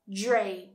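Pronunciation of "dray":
The d and r at the start combine into something closer to a j sound.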